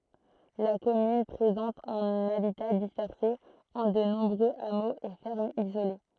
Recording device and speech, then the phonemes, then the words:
throat microphone, read sentence
la kɔmyn pʁezɑ̃t œ̃n abita dispɛʁse ɑ̃ də nɔ̃bʁøz amoz e fɛʁmz izole
La commune présente un habitat dispersé en de nombreux hameaux et fermes isolées.

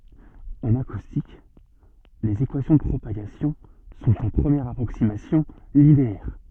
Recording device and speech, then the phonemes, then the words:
soft in-ear microphone, read sentence
ɑ̃n akustik lez ekwasjɔ̃ də pʁopaɡasjɔ̃ sɔ̃t ɑ̃ pʁəmjɛʁ apʁoksimasjɔ̃ lineɛʁ
En acoustique, les équations de propagation sont, en première approximation, linéaires.

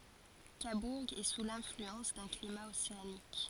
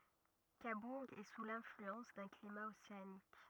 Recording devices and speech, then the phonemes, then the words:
forehead accelerometer, rigid in-ear microphone, read sentence
kabuʁ ɛ su lɛ̃flyɑ̃s dœ̃ klima oseanik
Cabourg est sous l'influence d'un climat océanique.

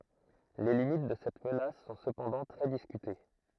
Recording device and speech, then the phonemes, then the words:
throat microphone, read sentence
le limit də sɛt mənas sɔ̃ səpɑ̃dɑ̃ tʁɛ diskyte
Les limites de cette menace sont cependant très discutées.

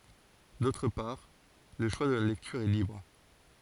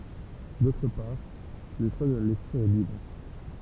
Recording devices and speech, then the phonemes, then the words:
forehead accelerometer, temple vibration pickup, read sentence
dotʁ paʁ lə ʃwa də la lɛktyʁ ɛ libʁ
D'autre part, le choix de la lecture est libre.

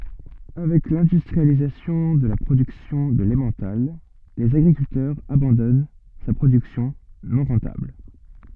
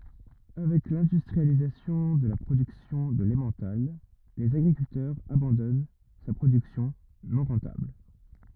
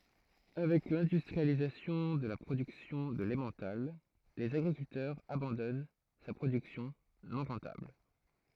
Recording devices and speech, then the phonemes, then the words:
soft in-ear microphone, rigid in-ear microphone, throat microphone, read sentence
avɛk lɛ̃dystʁializasjɔ̃ də la pʁodyksjɔ̃ də lɑ̃mɑ̃tal lez aɡʁikyltœʁz abɑ̃dɔn sa pʁodyksjɔ̃ nɔ̃ ʁɑ̃tabl
Avec l'industrialisation de la production de l'emmental, les agriculteurs abandonnent sa production non rentable.

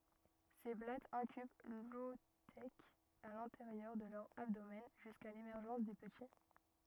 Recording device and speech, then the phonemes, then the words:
rigid in-ear microphone, read sentence
se blatz ɛ̃kyb lɔotɛk a lɛ̃teʁjœʁ də lœʁ abdomɛn ʒyska lemɛʁʒɑ̃s de pəti
Ces blattes incubent l'oothèque à l'intérieur de leur abdomen jusqu'à l'émergence des petits.

